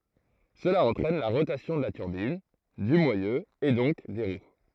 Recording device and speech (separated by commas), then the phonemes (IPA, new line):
throat microphone, read sentence
səla ɑ̃tʁɛn la ʁotasjɔ̃ də la tyʁbin dy mwajø e dɔ̃k de ʁw